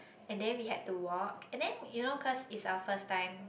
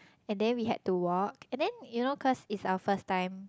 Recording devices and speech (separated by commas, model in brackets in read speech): boundary microphone, close-talking microphone, conversation in the same room